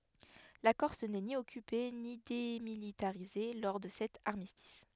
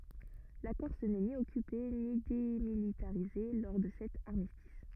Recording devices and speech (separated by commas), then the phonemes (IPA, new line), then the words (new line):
headset microphone, rigid in-ear microphone, read sentence
la kɔʁs nɛ ni ɔkype ni demilitaʁize lɔʁ də sɛt aʁmistis
La Corse n'est ni occupée ni démilitarisée lors de cet armistice.